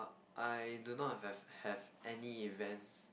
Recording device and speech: boundary microphone, conversation in the same room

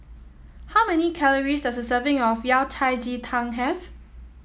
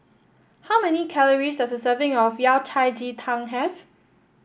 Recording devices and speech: mobile phone (iPhone 7), boundary microphone (BM630), read sentence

